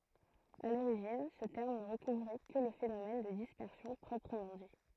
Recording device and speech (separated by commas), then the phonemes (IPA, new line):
throat microphone, read sentence
a loʁiʒin sə tɛʁm nə ʁəkuvʁɛ kə lə fenomɛn də dispɛʁsjɔ̃ pʁɔpʁəmɑ̃ di